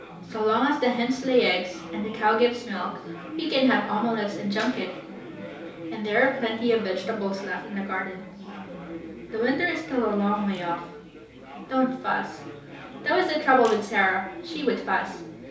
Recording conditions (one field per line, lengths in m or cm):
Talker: one person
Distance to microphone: 3.0 m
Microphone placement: far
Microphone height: 1.8 m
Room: small (3.7 m by 2.7 m)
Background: babble